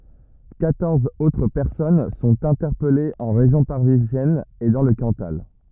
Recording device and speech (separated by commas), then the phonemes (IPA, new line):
rigid in-ear microphone, read sentence
kwatɔʁz otʁ pɛʁsɔn sɔ̃t ɛ̃tɛʁpɛlez ɑ̃ ʁeʒjɔ̃ paʁizjɛn e dɑ̃ lə kɑ̃tal